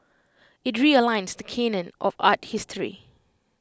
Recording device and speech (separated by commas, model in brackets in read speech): close-talking microphone (WH20), read sentence